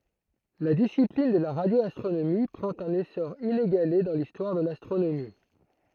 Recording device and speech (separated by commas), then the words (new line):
throat microphone, read sentence
La discipline de la radioastronomie prend un essor inégalé dans l'histoire de l'astronomie.